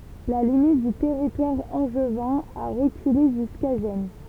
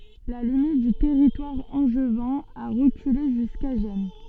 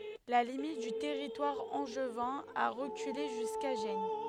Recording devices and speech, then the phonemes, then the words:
temple vibration pickup, soft in-ear microphone, headset microphone, read sentence
la limit dy tɛʁitwaʁ ɑ̃ʒvɛ̃ a ʁəkyle ʒyska ʒɛn
La limite du territoire angevin a reculé jusqu'à Gennes.

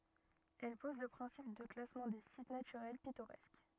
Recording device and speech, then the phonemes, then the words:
rigid in-ear microphone, read sentence
ɛl pɔz lə pʁɛ̃sip də klasmɑ̃ de sit natyʁɛl pitoʁɛsk
Elle pose le principe de classement des sites naturels pittoresques.

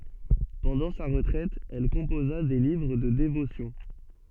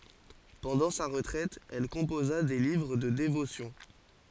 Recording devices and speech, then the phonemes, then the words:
soft in-ear microphone, forehead accelerometer, read sentence
pɑ̃dɑ̃ sa ʁətʁɛt ɛl kɔ̃poza de livʁ də devosjɔ̃
Pendant sa retraite, elle composa des livres de dévotions.

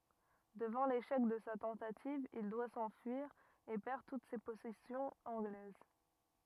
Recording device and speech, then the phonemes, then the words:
rigid in-ear microphone, read sentence
dəvɑ̃ leʃɛk də sa tɑ̃tativ il dwa sɑ̃fyiʁ e pɛʁ tut se pɔsɛsjɔ̃z ɑ̃ɡlɛz
Devant l'échec de sa tentative, il doit s'enfuir, et perd toutes ses possessions anglaises.

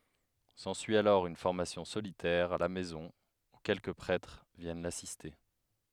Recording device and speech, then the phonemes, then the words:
headset microphone, read sentence
sɑ̃syi alɔʁ yn fɔʁmasjɔ̃ solitɛʁ a la mɛzɔ̃ u kɛlkə pʁɛtʁ vjɛn lasiste
S'ensuit alors une formation solitaire, à la maison, où quelques prêtres viennent l'assister.

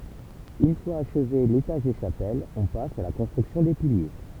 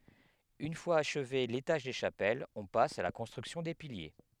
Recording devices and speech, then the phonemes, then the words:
temple vibration pickup, headset microphone, read sentence
yn fwaz aʃve letaʒ de ʃapɛlz ɔ̃ pas a la kɔ̃stʁyksjɔ̃ de pilje
Une fois achevé l’étage des chapelles, on passe à la construction des piliers.

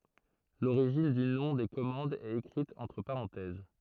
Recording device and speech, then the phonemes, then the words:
throat microphone, read sentence
loʁiʒin dy nɔ̃ de kɔmɑ̃dz ɛt ekʁit ɑ̃tʁ paʁɑ̃tɛz
L'origine du nom des commandes est écrite entre parenthèses.

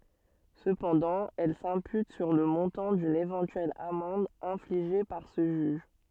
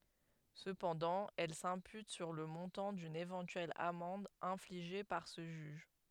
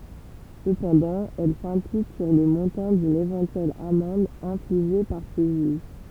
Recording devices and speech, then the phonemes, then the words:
soft in-ear microphone, headset microphone, temple vibration pickup, read sentence
səpɑ̃dɑ̃ ɛl sɛ̃pyt syʁ lə mɔ̃tɑ̃ dyn evɑ̃tyɛl amɑ̃d ɛ̃fliʒe paʁ sə ʒyʒ
Cependant, elle s'impute sur le montant d'une éventuelle amende infligée par ce juge.

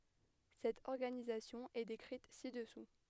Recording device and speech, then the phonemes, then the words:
headset microphone, read sentence
sɛt ɔʁɡanizasjɔ̃ ɛ dekʁit si dəsu
Cette organisation est décrite ci-dessous.

